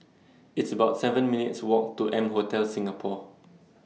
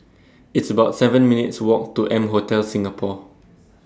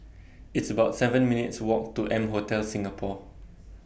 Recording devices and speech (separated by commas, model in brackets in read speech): mobile phone (iPhone 6), standing microphone (AKG C214), boundary microphone (BM630), read sentence